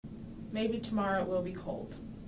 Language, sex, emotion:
English, female, neutral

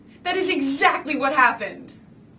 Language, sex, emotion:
English, female, angry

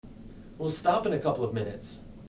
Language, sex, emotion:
English, male, neutral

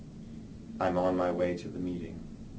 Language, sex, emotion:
English, male, neutral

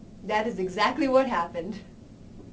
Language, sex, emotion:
English, female, neutral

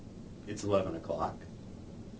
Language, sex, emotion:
English, male, neutral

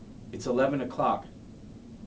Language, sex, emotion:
English, male, neutral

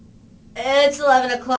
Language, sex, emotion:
English, female, neutral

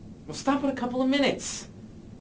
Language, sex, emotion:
English, male, angry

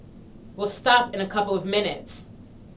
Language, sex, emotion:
English, female, angry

